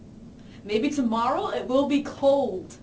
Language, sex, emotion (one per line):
English
female
neutral